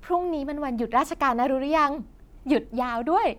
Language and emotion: Thai, happy